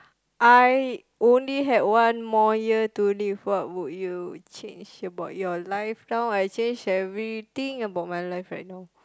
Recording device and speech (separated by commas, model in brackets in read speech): close-talking microphone, conversation in the same room